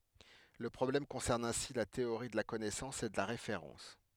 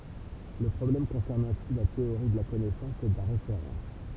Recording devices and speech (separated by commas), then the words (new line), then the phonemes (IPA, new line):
headset microphone, temple vibration pickup, read sentence
Le problème concerne ainsi la théorie de la connaissance et de la référence.
lə pʁɔblɛm kɔ̃sɛʁn ɛ̃si la teoʁi də la kɔnɛsɑ̃s e də la ʁefeʁɑ̃s